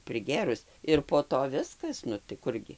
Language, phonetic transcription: Lithuanian, priˈgėrus ir po ˈto ˈviskas ˈnu tai ˈkurgi

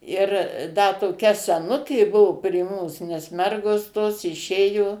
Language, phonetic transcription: Lithuanian, ˈir ˈda toˈkia seˈnukė ˈbuvo prie ˈmūs nes ˈmergos tos iˈšėjo

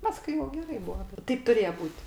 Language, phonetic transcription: Lithuanian, ˈpaskui jau geˈrai ˈbua ˈteip tuˈrėje ˈbūt'

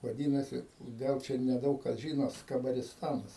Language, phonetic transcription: Lithuanian, vaˈdynasi ˈgal ˈčia neˈdaug kas žyno skabarisˈtanas

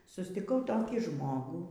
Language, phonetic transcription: Lithuanian, sustiˈkau ˈtokį ˈžmogų

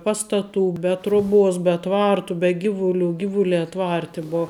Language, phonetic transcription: Lithuanian, ˈpastaˌtų be ˈtroˌbuos be ˈtvartų be ˈgivuˌlių ˈgivuˌliā ˈtvarti ˈbo

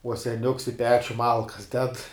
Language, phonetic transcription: Lithuanian, uo seˈniuks i ˈpečiu ˈmalkas ded

